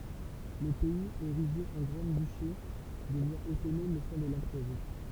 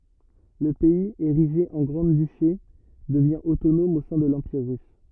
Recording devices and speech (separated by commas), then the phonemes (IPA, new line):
temple vibration pickup, rigid in-ear microphone, read sentence
lə pɛiz eʁiʒe ɑ̃ ɡʁɑ̃dyʃe dəvjɛ̃ otonɔm o sɛ̃ də lɑ̃piʁ ʁys